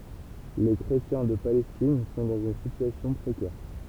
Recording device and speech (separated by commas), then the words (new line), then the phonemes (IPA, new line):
temple vibration pickup, read sentence
Les chrétiens de Palestine sont dans une situation précaire.
le kʁetjɛ̃ də palɛstin sɔ̃ dɑ̃z yn sityasjɔ̃ pʁekɛʁ